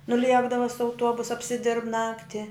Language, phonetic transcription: Lithuanian, nuˈliekdava su auˈtuobus apsiˈdirb ˈnakti

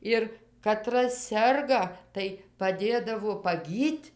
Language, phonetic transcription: Lithuanian, ˈir kaˈtras ˈserga tai paˈdėdavo paˈgyt'

